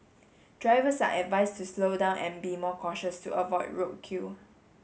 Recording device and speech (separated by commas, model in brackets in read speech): mobile phone (Samsung S8), read sentence